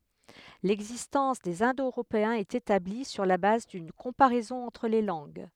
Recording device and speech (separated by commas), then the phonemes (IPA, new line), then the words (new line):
headset microphone, read sentence
lɛɡzistɑ̃s dez ɛ̃do øʁopeɛ̃z ɛt etabli syʁ la baz dyn kɔ̃paʁɛzɔ̃ ɑ̃tʁ le lɑ̃ɡ
L'existence des Indo-Européens est établie sur la base d'une comparaison entre les langues.